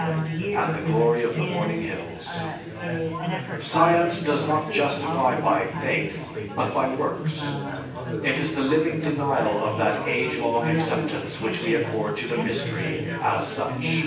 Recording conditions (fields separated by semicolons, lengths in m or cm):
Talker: one person; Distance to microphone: 9.8 m; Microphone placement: far; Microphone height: 1.8 m; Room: large; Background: babble